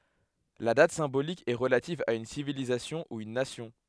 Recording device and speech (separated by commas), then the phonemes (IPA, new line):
headset microphone, read sentence
la dat sɛ̃bolik ɛ ʁəlativ a yn sivilizasjɔ̃ u yn nasjɔ̃